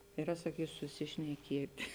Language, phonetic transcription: Lithuanian, iˈra saˈkysu susišneˈkėti

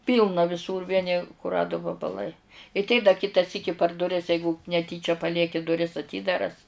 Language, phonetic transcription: Lithuanian, ˈpylna viˈsūr ˈvieni kuˈradu vabaˈlai i tei da ˈkita ˈsyki par duˈris ˈjeigu neˈtyčia paˈlieki duˈris aˈtydaras

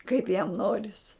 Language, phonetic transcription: Lithuanian, kaip jam ˈnoris

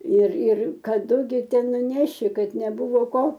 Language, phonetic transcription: Lithuanian, ir ir kaˈdu gi ˈten nuˈneši ˈkad neˈbuvo ˈko

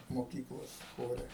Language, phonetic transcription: Lithuanian, moˈkyklos ˈchore

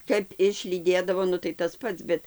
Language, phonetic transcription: Lithuanian, ˈkap išlyˈdėdavo ˈnu tai tas ˈpats ˈbet

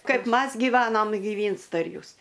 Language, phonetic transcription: Lithuanian, ˈkaip ˈmas gyˈvanom giˈvynsta ir ˈjūs

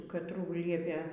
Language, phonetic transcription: Lithuanian, katˈrų ˈliepė

